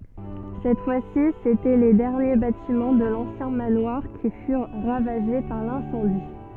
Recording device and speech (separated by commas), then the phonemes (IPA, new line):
soft in-ear microphone, read sentence
sɛt fwa si setɛ le dɛʁnje batimɑ̃ də lɑ̃sjɛ̃ manwaʁ ki fyʁ ʁavaʒe paʁ lɛ̃sɑ̃di